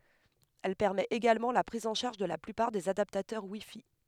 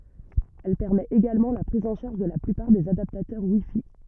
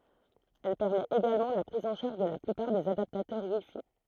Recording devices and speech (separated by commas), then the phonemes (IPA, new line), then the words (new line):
headset microphone, rigid in-ear microphone, throat microphone, read sentence
ɛl pɛʁmɛt eɡalmɑ̃ la pʁiz ɑ̃ ʃaʁʒ də la plypaʁ dez adaptatœʁ wi fi
Elle permet également la prise en charge de la plupart des adaptateurs WiFi.